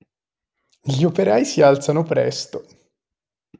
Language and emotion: Italian, happy